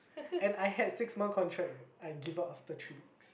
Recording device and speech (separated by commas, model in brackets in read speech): boundary microphone, conversation in the same room